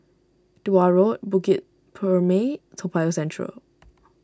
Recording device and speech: standing microphone (AKG C214), read sentence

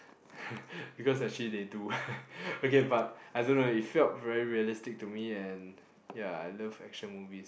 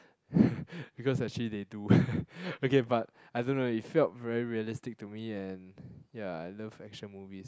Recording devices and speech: boundary microphone, close-talking microphone, conversation in the same room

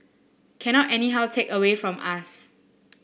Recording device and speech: boundary microphone (BM630), read sentence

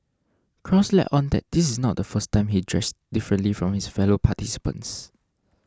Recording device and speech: standing microphone (AKG C214), read sentence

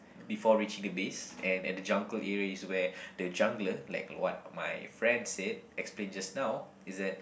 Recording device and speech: boundary microphone, conversation in the same room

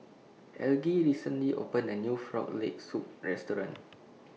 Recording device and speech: mobile phone (iPhone 6), read sentence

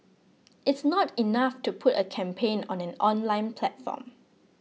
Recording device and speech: mobile phone (iPhone 6), read sentence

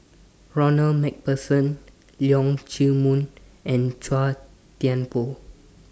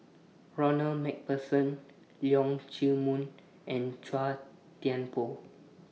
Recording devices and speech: standing microphone (AKG C214), mobile phone (iPhone 6), read sentence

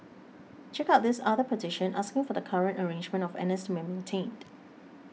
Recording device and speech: mobile phone (iPhone 6), read sentence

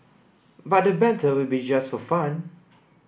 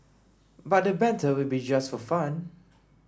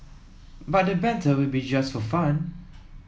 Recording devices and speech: boundary microphone (BM630), standing microphone (AKG C214), mobile phone (iPhone 7), read sentence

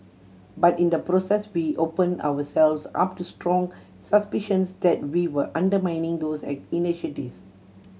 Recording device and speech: mobile phone (Samsung C7100), read sentence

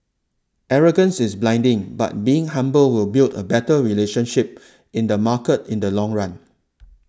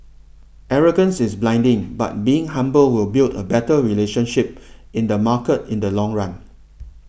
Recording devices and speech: standing microphone (AKG C214), boundary microphone (BM630), read sentence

